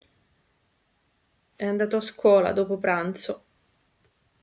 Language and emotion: Italian, sad